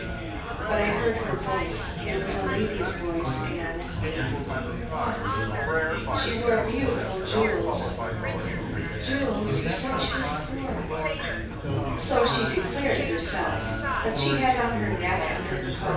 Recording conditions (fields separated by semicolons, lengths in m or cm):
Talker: one person; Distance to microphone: 9.8 m; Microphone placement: far; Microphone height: 1.8 m; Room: large; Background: babble